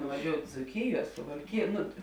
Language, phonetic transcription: Lithuanian, nuvaˈžiout' dzūˈkijuo suvalˈkijuo ˈnu

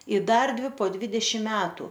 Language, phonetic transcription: Lithuanian, i ˈdar ˈdvi po ˈdvidešim ˈmetu

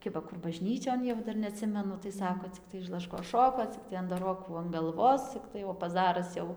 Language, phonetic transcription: Lithuanian, ˈkiba ˈkur baˈžnyčion jau ˈdar neaˈtsimenu tai ˈsako cikˈtai iš laˈškos ˈšoko ˈciktai andaˈrokų an galˈvos ˈciktai o paˈzaras jau

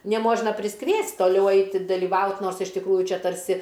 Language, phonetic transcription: Lithuanian, neˈmožna prisˈkviest' toˈliau ˈaiti daliˈvaut ˈnors iš tikˈrųju ˈčia tarˈsi

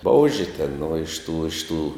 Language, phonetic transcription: Lithuanian, ˈbouži ten nu iš ˈtų iš ˈtų

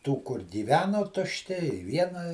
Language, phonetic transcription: Lithuanian, tų kur gyˈveno tušˈti i ˈviena

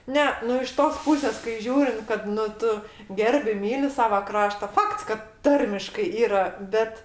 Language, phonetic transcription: Lithuanian, ˈne nu iš ˈtos ˈpusės kai ˈžiūrint kad nu ˈtu ˈgerbi ˈmyli ˈsava ˈkrašta ˈfakts kad ˈtarmiškai ˈyra ˈbet

